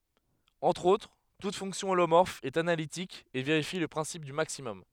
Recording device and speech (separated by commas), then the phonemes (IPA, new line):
headset microphone, read sentence
ɑ̃tʁ otʁ tut fɔ̃ksjɔ̃ olomɔʁf ɛt analitik e veʁifi lə pʁɛ̃sip dy maksimɔm